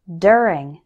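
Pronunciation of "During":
In 'during', the 'ur' is pronounced with an er sound.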